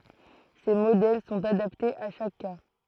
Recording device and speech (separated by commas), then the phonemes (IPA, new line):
throat microphone, read sentence
se modɛl sɔ̃t adaptez a ʃak ka